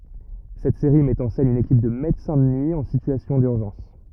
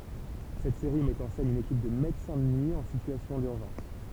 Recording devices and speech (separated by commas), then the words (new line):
rigid in-ear microphone, temple vibration pickup, read sentence
Cette série met en scène une équipe de médecins de nuit en situation d'urgence.